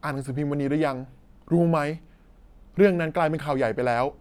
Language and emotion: Thai, frustrated